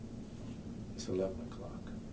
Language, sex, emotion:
English
male
neutral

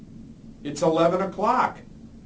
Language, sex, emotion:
English
male
angry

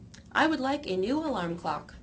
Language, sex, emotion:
English
female
neutral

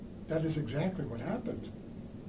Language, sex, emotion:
English
male
neutral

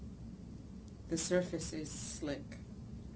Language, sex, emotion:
English
female
neutral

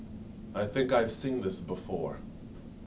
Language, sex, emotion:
English
male
neutral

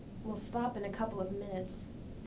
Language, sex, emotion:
English
female
neutral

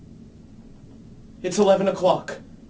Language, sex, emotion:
English
male
fearful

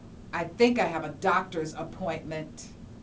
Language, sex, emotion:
English
female
disgusted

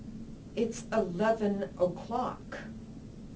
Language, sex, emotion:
English
female
angry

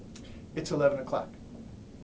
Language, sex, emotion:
English
male
neutral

